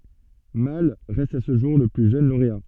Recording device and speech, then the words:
soft in-ear microphone, read sentence
Malle reste à ce jour le plus jeune lauréat.

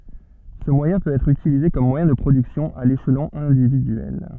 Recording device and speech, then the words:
soft in-ear microphone, read sentence
Ce moyen peut être utilisé comme moyen de production à l'échelon individuel.

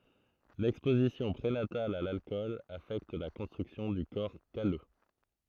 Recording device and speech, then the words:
throat microphone, read sentence
L'exposition prénatale à l'alcool affecte la construction du corps calleux.

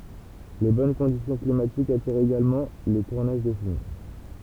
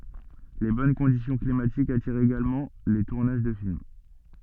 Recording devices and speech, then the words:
temple vibration pickup, soft in-ear microphone, read sentence
Les bonnes conditions climatiques attirent également les tournages de films.

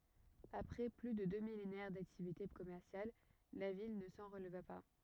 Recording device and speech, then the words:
rigid in-ear microphone, read sentence
Après plus de deux millénaires d'activités commerciales, la ville ne s'en releva pas.

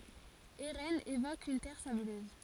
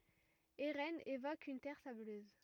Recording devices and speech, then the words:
forehead accelerometer, rigid in-ear microphone, read sentence
Eraines évoque une terre sableuse.

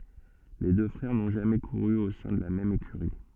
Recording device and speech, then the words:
soft in-ear microphone, read sentence
Les deux frères n'ont jamais couru au sein de la même écurie.

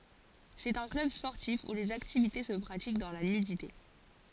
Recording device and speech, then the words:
forehead accelerometer, read sentence
C'est un club sportif où les activités se pratiquent dans la nudité.

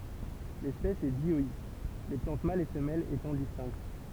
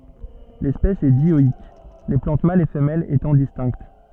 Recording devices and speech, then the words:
temple vibration pickup, soft in-ear microphone, read sentence
L'espèce est dioïque, les plantes mâles et femelles étant distinctes.

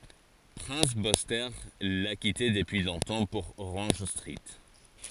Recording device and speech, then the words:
forehead accelerometer, read sentence
Prince Buster l’a quitté depuis longtemps pour Orange Street.

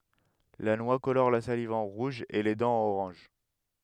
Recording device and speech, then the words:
headset microphone, read sentence
La noix colore la salive en rouge et les dents en orange.

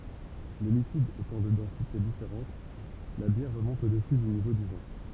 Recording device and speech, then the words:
temple vibration pickup, read sentence
Les liquides étant de densité différentes, la bière remonte au-dessus du niveau du vin.

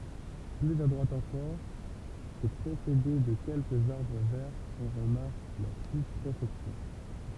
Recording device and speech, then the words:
temple vibration pickup, read sentence
Plus à droite encore, et précédée de quelques arbres verts, on remarque la sous-préfecture.

